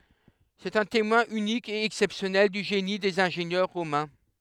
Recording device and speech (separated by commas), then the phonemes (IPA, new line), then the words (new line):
headset microphone, read sentence
sɛt œ̃ temwɛ̃ ynik e ɛksɛpsjɔnɛl dy ʒeni dez ɛ̃ʒenjœʁ ʁomɛ̃
C'est un témoin unique et exceptionnel du génie des ingénieurs romains.